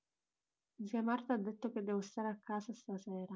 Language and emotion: Italian, sad